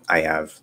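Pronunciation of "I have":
In 'I have', the h sound in 'have' is dropped.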